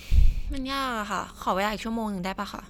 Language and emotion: Thai, frustrated